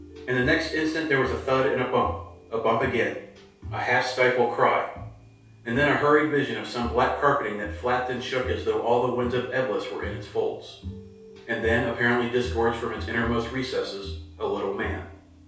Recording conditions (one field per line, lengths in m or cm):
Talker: one person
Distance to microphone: 3.0 m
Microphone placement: far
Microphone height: 1.8 m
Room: small (3.7 m by 2.7 m)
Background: music